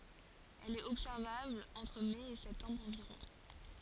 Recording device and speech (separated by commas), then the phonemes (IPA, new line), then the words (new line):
forehead accelerometer, read sentence
ɛl ɛt ɔbsɛʁvabl ɑ̃tʁ mɛ e sɛptɑ̃bʁ ɑ̃viʁɔ̃
Elle est observable entre mai et septembre environ.